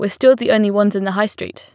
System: none